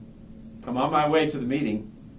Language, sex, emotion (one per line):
English
male
neutral